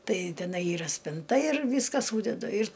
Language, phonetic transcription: Lithuanian, ˈtai teˈnai ˈyra spinˈta ir ˈvyska ˈsūdedu ir

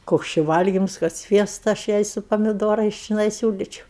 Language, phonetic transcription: Lithuanian, ˈkoks či ˈvalgims kad ˈsviesta aš ˈjai su pamiˈdorais čiˈnai ˈsiūlyčiau

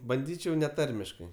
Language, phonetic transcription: Lithuanian, banˈdyčiau neˈtarmiškai

